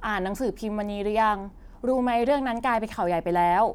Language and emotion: Thai, neutral